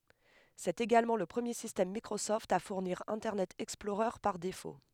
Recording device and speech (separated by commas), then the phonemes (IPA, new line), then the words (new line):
headset microphone, read sentence
sɛt eɡalmɑ̃ lə pʁəmje sistɛm mikʁosɔft a fuʁniʁ ɛ̃tɛʁnɛt ɛksplɔʁœʁ paʁ defo
C'est également le premier système Microsoft à fournir Internet Explorer par défaut.